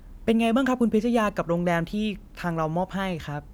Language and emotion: Thai, happy